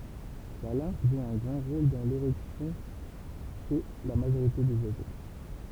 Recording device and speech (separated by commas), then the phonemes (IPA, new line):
temple vibration pickup, read sentence
la lɛ̃f ʒu œ̃ ɡʁɑ̃ ʁol dɑ̃ leʁɛksjɔ̃ ʃe la maʒoʁite dez wazo